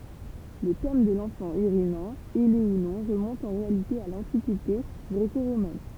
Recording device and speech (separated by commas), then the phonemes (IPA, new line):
temple vibration pickup, read sentence
lə tɛm də lɑ̃fɑ̃ yʁinɑ̃ ɛle u nɔ̃ ʁəmɔ̃t ɑ̃ ʁealite a lɑ̃tikite ɡʁeko ʁomɛn